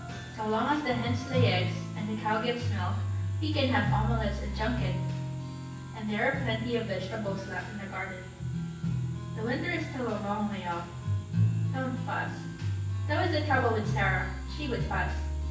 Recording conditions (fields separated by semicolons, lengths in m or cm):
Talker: one person; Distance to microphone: 9.8 m; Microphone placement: far; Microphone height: 1.8 m; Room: large; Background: music